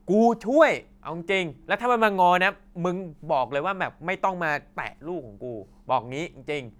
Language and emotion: Thai, angry